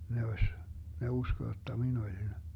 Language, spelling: Finnish, ne olisi ne uskoi jotta minä olin
- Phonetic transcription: 'ne oś , ne 'usko jotta 'min ‿olin ,.

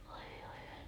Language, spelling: Finnish, voi voi
- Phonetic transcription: voi voi .

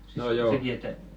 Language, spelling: Finnish, no joo
- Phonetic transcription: no 'joo .

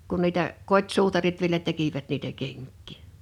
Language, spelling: Finnish, kun niitä kotisuutarit vielä tekivät niitä kenkiä
- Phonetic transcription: 'kun niitä , "kot́suutarit vielä 'tekivät niitä 'keŋk̆kì .

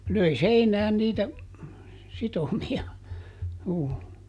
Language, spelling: Finnish, löi seinään niitä sitomia juu
- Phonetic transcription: ˈlöi "seinään niitä , ˈsitomi₍a , juu .

